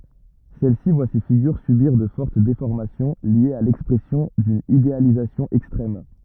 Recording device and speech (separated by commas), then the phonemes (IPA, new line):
rigid in-ear microphone, read sentence
sɛl si vwa se fiɡyʁ sybiʁ də fɔʁt defɔʁmasjɔ̃ ljez a lɛkspʁɛsjɔ̃ dyn idealizasjɔ̃ ɛkstʁɛm